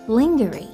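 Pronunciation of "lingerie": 'Lingerie' is pronounced incorrectly here.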